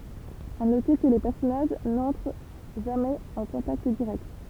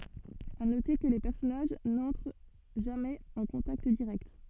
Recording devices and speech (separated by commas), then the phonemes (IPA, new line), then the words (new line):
temple vibration pickup, soft in-ear microphone, read sentence
a note kə le pɛʁsɔnaʒ nɑ̃tʁ ʒamɛz ɑ̃ kɔ̃takt diʁɛkt
À noter que les personnages n'entrent jamais en contact direct.